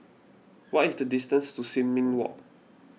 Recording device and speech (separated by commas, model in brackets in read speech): mobile phone (iPhone 6), read sentence